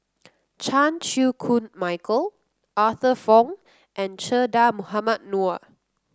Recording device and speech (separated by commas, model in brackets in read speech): close-talking microphone (WH30), read sentence